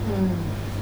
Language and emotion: Thai, neutral